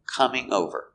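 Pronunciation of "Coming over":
Both words, 'coming' and 'over', are stressed.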